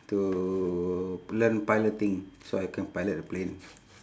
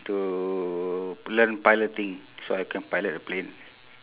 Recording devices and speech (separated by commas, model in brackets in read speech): standing microphone, telephone, conversation in separate rooms